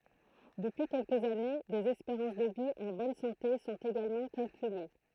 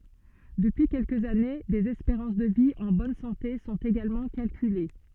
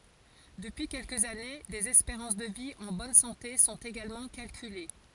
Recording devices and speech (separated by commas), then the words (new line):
throat microphone, soft in-ear microphone, forehead accelerometer, read sentence
Depuis quelques années, des espérances de vie en bonne santé sont également calculées.